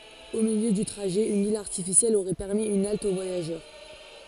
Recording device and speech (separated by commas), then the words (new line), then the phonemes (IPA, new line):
forehead accelerometer, read sentence
Au milieu du trajet, une île artificielle aurait permis une halte aux voyageurs.
o miljø dy tʁaʒɛ yn il aʁtifisjɛl oʁɛ pɛʁmi yn alt o vwajaʒœʁ